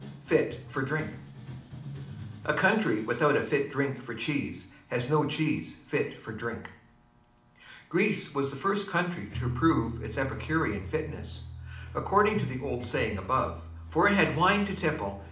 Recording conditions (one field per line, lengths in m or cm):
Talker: one person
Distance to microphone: 2.0 m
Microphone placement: close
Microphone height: 99 cm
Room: medium-sized (5.7 m by 4.0 m)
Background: music